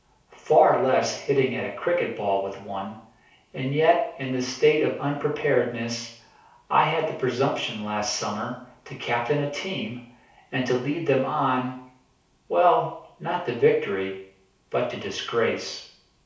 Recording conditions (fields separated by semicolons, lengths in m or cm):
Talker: one person; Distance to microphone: 3.0 m; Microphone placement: far; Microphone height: 1.8 m; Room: small (3.7 m by 2.7 m); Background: none